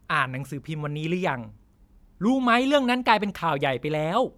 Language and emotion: Thai, frustrated